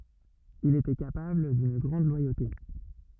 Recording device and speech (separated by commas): rigid in-ear microphone, read sentence